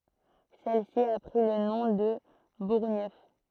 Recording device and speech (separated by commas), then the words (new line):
throat microphone, read sentence
Celle-ci a pris le nom de Bourgneuf.